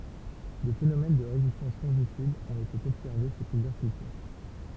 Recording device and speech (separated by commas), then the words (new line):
temple vibration pickup, read sentence
Des phénomènes de résistance fongicides ont été observés chez plusieurs cultures.